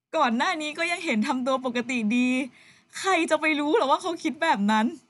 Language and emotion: Thai, sad